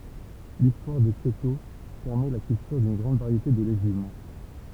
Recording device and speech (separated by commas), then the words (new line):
temple vibration pickup, read sentence
L'histoire de Kyoto permet la culture d'une grande variété de légumes.